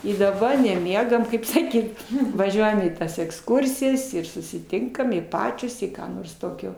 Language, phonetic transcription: Lithuanian, i daˈba neˈmiegam ˈkaip saˈkyt vaˈžiuojam į ˈtas eksˈkursijas ir susiˈtinkam i ˈpačios i ˈką nors ˈtokio

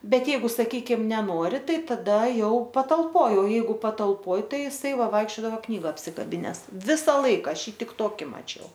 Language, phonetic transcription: Lithuanian, ˈbet ˈjeigu saˈkykim neˈnori ˈtai taˈda ˈjau patalˈpoj o ˈjeigu patalˈpoj ˈtai iˈsai ˈvaikščiodava ˈknyga apsikaˈbines ˈvisa ˈlaika ˈaš ˈjį ˈtik ˈtoki maˈčiau

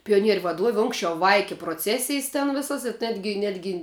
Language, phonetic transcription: Lithuanian, pijoˈnieriu vaˈduovi ˈunksčiau ˈvaiki proˈcesijs ten ˈvisas i ˈnetgi ˈnetgi

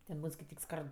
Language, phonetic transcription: Lithuanian, ten ˈbūn skaiˈtyk ˈskard

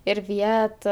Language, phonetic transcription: Lithuanian, ir ˈvieta

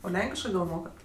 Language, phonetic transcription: Lithuanian, o ˈlenkiškɜ gal ˈmokat

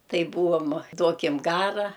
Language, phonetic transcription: Lithuanian, ˈtai ˈbūvom ˈduokim ˈgara

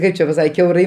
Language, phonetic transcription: Lithuanian, ˈkaip čia paˈsak kiauˈrai

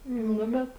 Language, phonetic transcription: Lithuanian, ˈnu bet

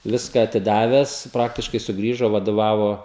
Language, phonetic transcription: Lithuanian, ˈviską atiˈdaves ˈpraktiškai suˈgrįžo vadoˈvavo

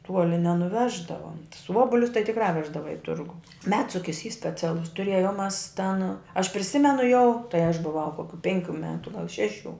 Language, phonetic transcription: Lithuanian, ˈtuoli nenuˈveždava tus ˈuobulius tai tikrā ˈveždava i ˈturgu ˈmedsukis y speˈcialus tuˈrėjom ˈmas ten aš priˈsimenu jau tai aš buˈvau ˈkokiu ˈpenˌkių ˈmetu gal ˈšeˌšių

